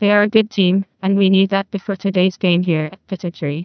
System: TTS, neural waveform model